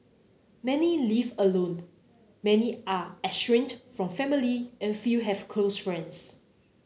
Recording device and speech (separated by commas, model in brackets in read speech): mobile phone (Samsung C9), read sentence